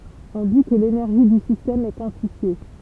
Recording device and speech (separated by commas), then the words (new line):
temple vibration pickup, read sentence
On dit que l'énergie du système est quantifiée.